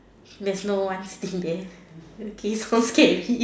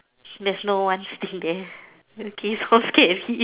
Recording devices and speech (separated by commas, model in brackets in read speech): standing microphone, telephone, conversation in separate rooms